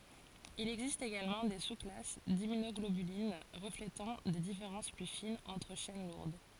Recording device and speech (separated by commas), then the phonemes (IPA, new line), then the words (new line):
forehead accelerometer, read sentence
il ɛɡzist eɡalmɑ̃ de susklas dimmynɔɡlobylin ʁəfletɑ̃ de difeʁɑ̃s ply finz ɑ̃tʁ ʃɛn luʁd
Il existe également des sous-classes d'immunoglobulines, reflétant des différences plus fines entre chaînes lourdes.